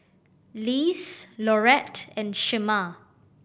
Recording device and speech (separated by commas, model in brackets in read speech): boundary microphone (BM630), read sentence